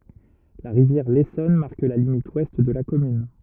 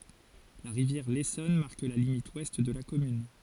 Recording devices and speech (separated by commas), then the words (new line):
rigid in-ear microphone, forehead accelerometer, read sentence
La rivière l'Essonne marque la limite ouest de la commune.